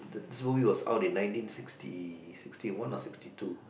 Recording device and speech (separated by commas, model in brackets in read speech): boundary microphone, conversation in the same room